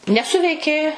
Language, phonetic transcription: Lithuanian, neˈsuveikė

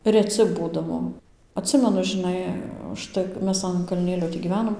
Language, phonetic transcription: Lithuanian, reˈci ˈbūdavo atˈsimenu žiˈnai užˈtai k ˈmes an kalˈnėlio tį gyˈvenom

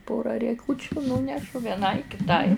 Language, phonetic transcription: Lithuanian, ˈpora rieˈkūčiu ˈnūnešu vieˈnai kiˈtai

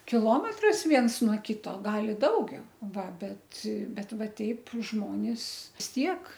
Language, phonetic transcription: Lithuanian, kiˈlometras ˈviens nuo ˈkyto ˈgal i ˈdaugiau ˈva ˈbet ˈbet ˈva ˈteip ˈžmonis vis ˈtiek

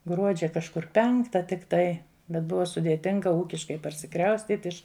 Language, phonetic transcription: Lithuanian, ˈgruodžia kažˈkur ˈpenkta tikˈtai bet ˈbuva sudėˈtinga ˈūkiškai parsiˈkraustyt' ˈiš

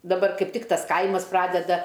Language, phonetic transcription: Lithuanian, daˈbar ˈkaip ˈtik ˈtas ˈkaimas ˈpradeda

